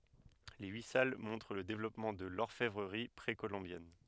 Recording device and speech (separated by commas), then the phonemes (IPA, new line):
headset microphone, read sentence
le yi sal mɔ̃tʁ lə devlɔpmɑ̃ də lɔʁfɛvʁəʁi pʁekolɔ̃bjɛn